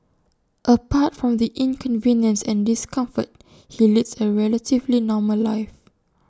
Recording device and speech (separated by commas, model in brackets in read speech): standing microphone (AKG C214), read sentence